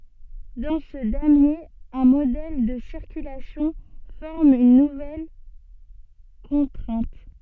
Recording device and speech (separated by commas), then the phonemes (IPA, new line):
soft in-ear microphone, read sentence
dɑ̃ sə damje œ̃ modɛl də siʁkylasjɔ̃ fɔʁm yn nuvɛl kɔ̃tʁɛ̃t